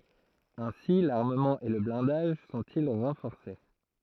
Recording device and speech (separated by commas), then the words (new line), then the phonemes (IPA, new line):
throat microphone, read sentence
Ainsi l'armement et le blindage sont-ils renforcés.
ɛ̃si laʁməmɑ̃ e lə blɛ̃daʒ sɔ̃ti ʁɑ̃fɔʁse